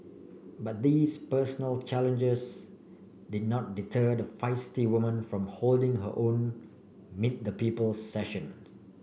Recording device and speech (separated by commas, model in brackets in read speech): boundary microphone (BM630), read sentence